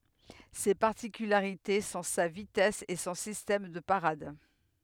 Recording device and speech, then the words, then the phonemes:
headset microphone, read sentence
Ses particularités sont sa vitesse et son système de parade.
se paʁtikylaʁite sɔ̃ sa vitɛs e sɔ̃ sistɛm də paʁad

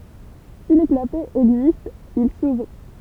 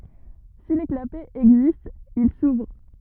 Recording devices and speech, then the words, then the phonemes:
temple vibration pickup, rigid in-ear microphone, read sentence
Si les clapets existent, ils s'ouvrent.
si le klapɛz ɛɡzistt il suvʁ

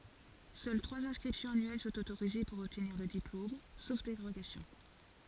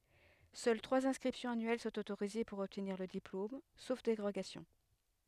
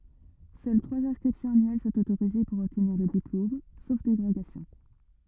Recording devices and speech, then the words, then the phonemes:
forehead accelerometer, headset microphone, rigid in-ear microphone, read sentence
Seules trois inscriptions annuelles sont autorisées pour obtenir le diplôme, sauf dérogations.
sœl tʁwaz ɛ̃skʁipsjɔ̃z anyɛl sɔ̃t otoʁize puʁ ɔbtniʁ lə diplom sof deʁoɡasjɔ̃

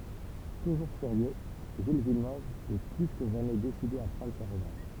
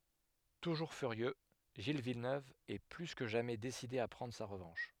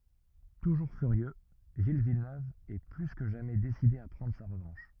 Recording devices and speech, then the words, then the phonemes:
temple vibration pickup, headset microphone, rigid in-ear microphone, read sentence
Toujours furieux, Gilles Villeneuve est plus que jamais décidé à prendre sa revanche.
tuʒuʁ fyʁjø ʒil vilnøv ɛ ply kə ʒamɛ deside a pʁɑ̃dʁ sa ʁəvɑ̃ʃ

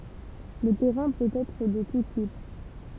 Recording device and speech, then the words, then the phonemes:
temple vibration pickup, read sentence
Le terrain peut être de tout type.
lə tɛʁɛ̃ pøt ɛtʁ də tu tip

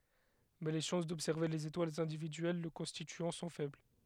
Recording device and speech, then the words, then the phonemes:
headset microphone, read sentence
Mais les chances d'observer les étoiles individuelles le constituant sont faibles.
mɛ le ʃɑ̃s dɔbsɛʁve lez etwalz ɛ̃dividyɛl lə kɔ̃stityɑ̃ sɔ̃ fɛbl

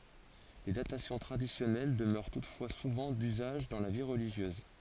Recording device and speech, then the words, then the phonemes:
forehead accelerometer, read sentence
Les datations traditionnelles demeurent toutefois souvent d'usage dans la vie religieuse.
le datasjɔ̃ tʁadisjɔnɛl dəmœʁ tutfwa suvɑ̃ dyzaʒ dɑ̃ la vi ʁəliʒjøz

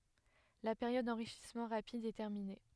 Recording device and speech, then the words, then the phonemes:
headset microphone, read sentence
La période d'enrichissement rapide est terminée.
la peʁjɔd dɑ̃ʁiʃismɑ̃ ʁapid ɛ tɛʁmine

